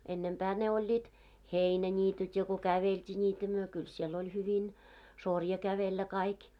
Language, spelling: Finnish, ennempää ne olivat heinäniityt ja kun käveltiin niitä me kyllä siellä hyvin sorja kävellä kaikki
- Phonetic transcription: 'ennempää ne 'oĺĺiit , "heinä'ńiityt ja ko "kävelt́ii ńiitä myö kyl siel hyvin , 'sorja 'kävellä kaik .

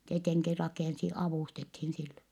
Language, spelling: Finnish, tietenkin rakensi avustettiin sille
- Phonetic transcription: tieteŋki rakènsi , avùstethin sille .

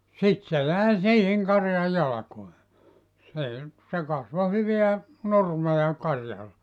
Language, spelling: Finnish, sitten se jäi siihen karjan jalkoihin se nyt se kasvoi hyvää nurmea karjalle
- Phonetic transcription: 'sit se 'jä̀i "siihiŋ 'karjaj "jalᵃkoe , sè nyt , se 'kasvo 'hyveä , "nurmeja 'karjal(le) .

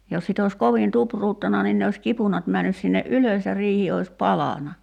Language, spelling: Finnish, jos sitten olisi kovin tupruttanut niin ne olisi kipunat mennyt sinne ylös ja riihi olisi palanut
- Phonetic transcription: jos sit ‿òis 'kovin "tupruuttana nin ne oś 'kipunat männys sinne "’ylös ja 'riihi ois "palana .

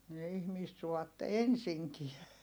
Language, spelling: Finnish, ne ihmistä suvaitse ensinkään
- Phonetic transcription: ne ihmiist suvatte ensiŋkiɛ .

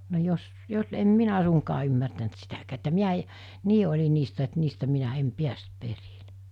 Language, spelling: Finnish, no jos jos en minä suinkaan ymmärtänyt sitäkään että minä - niin oli niistä että niistä minä en päässyt perille
- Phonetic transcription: no jos , jos , em 'minä suŋkaa ymmärtänt 'sitäkää että 'miä e- , 'nii oĺi niistä et 'niistä 'minä 'em "piäst 'perilᴇ .

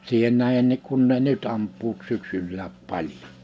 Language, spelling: Finnish, siihen nähdenkin kun ne nyt ampuvat syksylläkin paljon
- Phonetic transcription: 'siihen 'nähennik kun ne "ny't ‿amp̆puut 'syksyllääp 'paĺᴊᴏ .

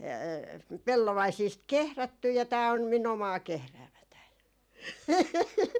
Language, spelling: Finnish, pellovaisista kehrätty ja tämä on minun omaa kehräämääni
- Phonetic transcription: 'pellovaisiist "kehrätty ja 'tää om min ‿omaa 'kehräämätäin .

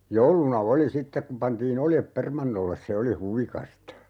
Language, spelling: Finnish, jouluna oli sitten kun pantiin oljet permannolle se oli huvikasta
- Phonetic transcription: 'jouluna "oli 'sittek kuᵐ 'pantii"n ‿oljep 'permannolles "se oli 'huvikasta .

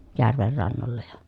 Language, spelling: Finnish, järven rannoilla ja
- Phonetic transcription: järver rannolla ja ,.

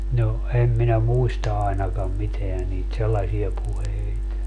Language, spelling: Finnish, no en minä muista ainakaan mitään niitä sellaisia puheita
- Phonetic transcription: no , 'em minä "muista aenakam 'miteä niit "sellasie 'puheit .

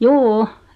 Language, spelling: Finnish, juu
- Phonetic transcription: juu₍'u .

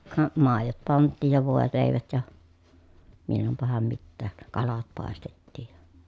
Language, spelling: Finnish, ka maidot pantiin ja voileivät ja milloinpahan mitäkin kalat paistettiin ja
- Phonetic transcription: ka , màejot panttiij ja vòelèi̮vät ja , millompaham mittääk , kalat pàestettiij ja .

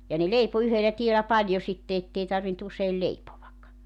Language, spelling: Finnish, ja ne leipoi yhdellä tiellä paljon sitten että ei tarvinnut usein leipoa
- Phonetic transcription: ja ne 'leipo 'yhelä 'tielä 'paĺjo sitte 'ettei tarvin't ‿useil 'leipovak .

